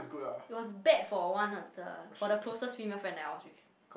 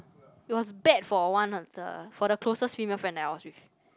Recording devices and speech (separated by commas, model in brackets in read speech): boundary microphone, close-talking microphone, conversation in the same room